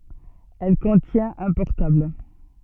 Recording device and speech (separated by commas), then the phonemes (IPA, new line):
soft in-ear microphone, read sentence
ɛl kɔ̃tjɛ̃t œ̃ pɔʁtabl